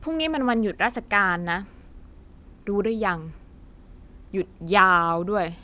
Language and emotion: Thai, frustrated